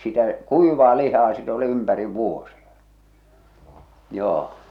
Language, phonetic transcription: Finnish, sitä , "kuivaa lihaa sit ‿oli 'ympäriv 'vuosiᴀ , 'joo .
- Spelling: sitä kuivaa lihaa sitten oli ympäri vuosia joo

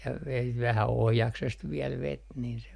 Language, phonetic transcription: Finnish, ja vet 'vähä "ohjaksest viɛl 'vet nin se meŋ ky- , mut ei ...
- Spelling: ja veti vähän ohjaksesta vielä veti niin se meni - mutta ei

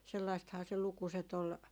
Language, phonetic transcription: Finnish, sellaisthaa se 'lukuset ‿ol ,.
- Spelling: sellaistahan se lukuset oli

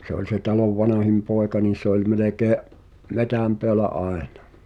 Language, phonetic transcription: Finnish, 'se oĺ se talov "vanahim 'poeka niin̬ se ‿ol 'melekee’ , "metäm peälä '’aena .
- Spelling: se oli se talon vanhin poika niin se oli melkein metsän päällä aina

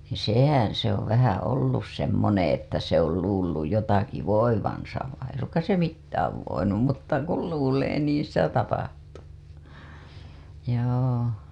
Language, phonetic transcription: Finnish, sèhän se ‿ov vähä 'ollus semmoneḛ että se ‿ol 'luulluj jotaki "voivansa vai ei ‿suŋkas se 'mittääv voinum mutta kul 'luulee niiḭ sitä 'tapahtuu , joo .
- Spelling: sehän se on vähän ollut semmoinen että se on luullut jotakin voivansa vaan ei suinkaan se mitään voinut mutta kun luulee niin sitä tapahtuu joo

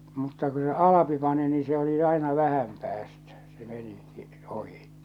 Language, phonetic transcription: Finnish, mutta ku se "Alapi pani nii se oli 'aina "vähäm päästᴀ̈ , se 'meni , ˢⁱˉ , 'ohi .
- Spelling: mutta kun se Alpi pani niin se oli aina vähän päästä se meni sen ohi

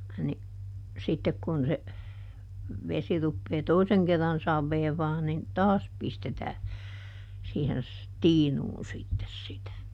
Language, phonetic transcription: Finnish, ni , ˈsittek kun se , ˈvesi ruppee "toiseŋ kerran ˈsavveevaa nin , "taas ˈpistetää , siihen s- , "tiinuun ˈsittes sitä .
- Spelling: niin sitten kun se vesi rupeaa toisen kerran saveavaa niin taas pistetään siihen - tiinuun sitten sitä

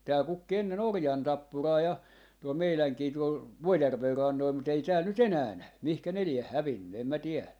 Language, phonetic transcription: Finnish, tääl 'kukki 'enne'n ‿orjantappuraa ja. , tuol 'meiläŋkii tuol , "Vuojärver 'rannoil mut ‿ei 'tääl nyt "enää 'nävy , 'mihkä ne lieh "hävinny em mä 'tielä .
- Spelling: täällä kukki ennen orjantappuraa ja tuolla meidänkin tuolla Vuojärven rannoilla mutta ei täällä nyt enää näy mihin ne lie hävinnyt en minä tiedä

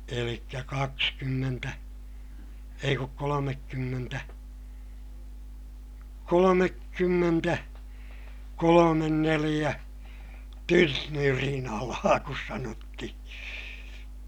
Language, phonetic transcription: Finnish, elikkä kakskymmentä , ei kuk kolomekkymmentä , kolomekkymmentä , kolomen neliʲä , tynnyrinalaa kus sanottihI .
- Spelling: eli kaksikymmentä ei kun kolmekymmentä kolmekymmentä kolme neljä tynnyrinalaa kun sanottiin

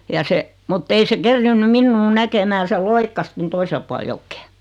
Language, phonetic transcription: Finnish, ja 'se , mut't ‿ei se 'kerriinnym "minnuu 'näkemää se "loikkas ton 'toisel pual 'jokkᴇᴇ .
- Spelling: ja se mutta ei se kerinnyt minua näkemään se loikkasi tuonne toiselle puolen jokea

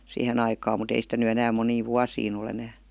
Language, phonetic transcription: Finnish, 'siihe'n ‿aikaam mut ‿ei sitä ny 'enääm 'moniiv "vuasiin ‿ol ‿enää .
- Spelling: siihen aikaan mutta ei sitä nyt enää moniin vuosiin ole enää

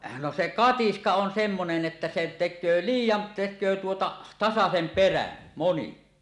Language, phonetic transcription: Finnish, no se "katiska on 'semmonen '’että se "tek̆köö "liij̀jan 'tek̆köö tuota , 'tasasem 'perän , 'moni .
- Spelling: no se katiska on semmoinen että se tekee liian tekee tuota tasaisen perän moni

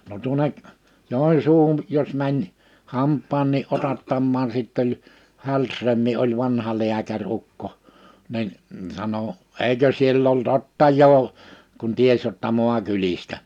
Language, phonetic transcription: Finnish, no tuoneᵏ , 'Jòinsuuhun , jos mäń , 'hamp̆paannii 'otattammaan 'sitt ‿oĺ , 'Hälsrömmi oĺ 'vanha 'liäkä'r ‿ukko , nin , sano : » 'eikö siell ‿ol't ‿ottajoo « , kun 'ties jotta 'moakylistä .
- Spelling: no tuonne Joensuuhun jos meni hampaankin otattamaan sitten oli Hällström oli vanha lääkäri ukko niin sanoi eikö siellä ole ottajaa kun tiesi jotta maakylistä

